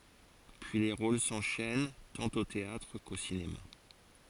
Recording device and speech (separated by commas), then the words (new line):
forehead accelerometer, read sentence
Puis les rôles s'enchaînent tant au théâtre qu'au cinéma.